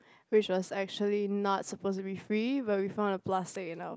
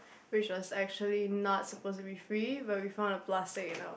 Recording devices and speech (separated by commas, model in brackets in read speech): close-talking microphone, boundary microphone, conversation in the same room